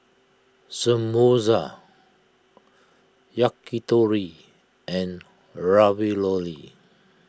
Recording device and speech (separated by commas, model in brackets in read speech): close-talking microphone (WH20), read sentence